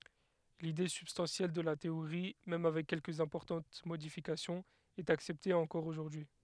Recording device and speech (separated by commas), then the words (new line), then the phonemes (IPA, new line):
headset microphone, read sentence
L’idée substantielle de la théorie, même avec quelques importantes modifications est acceptée encore aujourd’hui.
lide sybstɑ̃sjɛl də la teoʁi mɛm avɛk kɛlkəz ɛ̃pɔʁtɑ̃t modifikasjɔ̃z ɛt aksɛpte ɑ̃kɔʁ oʒuʁdyi